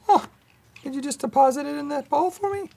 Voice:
high voice